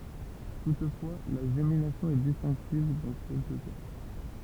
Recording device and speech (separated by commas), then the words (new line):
temple vibration pickup, read sentence
Toutefois, la gémination est distinctive dans quelques cas.